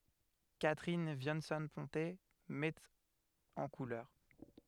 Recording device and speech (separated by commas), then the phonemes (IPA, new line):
headset microphone, read sentence
katʁin vjɑ̃sɔ̃ pɔ̃te mɛt ɑ̃ kulœʁ